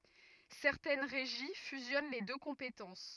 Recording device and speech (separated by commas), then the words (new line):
rigid in-ear microphone, read sentence
Certaines régies fusionnent les deux compétences.